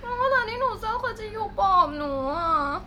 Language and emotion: Thai, sad